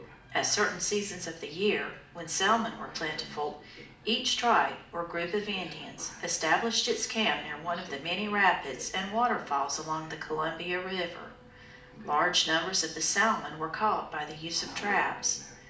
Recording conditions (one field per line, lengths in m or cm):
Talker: one person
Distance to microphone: 2.0 m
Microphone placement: close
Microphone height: 99 cm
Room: medium-sized (5.7 m by 4.0 m)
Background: television